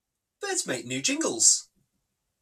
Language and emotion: English, surprised